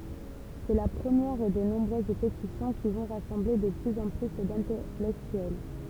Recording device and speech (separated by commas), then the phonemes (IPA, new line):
temple vibration pickup, read sentence
sɛ la pʁəmjɛʁ de nɔ̃bʁøz petisjɔ̃ ki vɔ̃ ʁasɑ̃ble də plyz ɑ̃ ply dɛ̃tɛlɛktyɛl